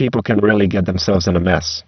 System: VC, spectral filtering